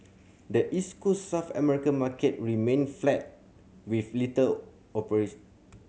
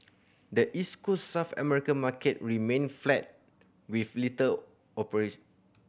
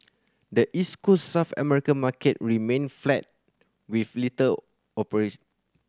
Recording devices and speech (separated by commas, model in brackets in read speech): mobile phone (Samsung C7100), boundary microphone (BM630), standing microphone (AKG C214), read sentence